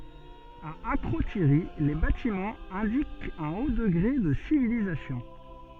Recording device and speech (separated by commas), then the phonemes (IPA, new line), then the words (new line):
soft in-ear microphone, read sentence
a akʁotiʁi le batimɑ̃z ɛ̃dikt œ̃ o dəɡʁe də sivilizasjɔ̃
À Akrotiri, les bâtiments indiquent un haut degré de civilisation.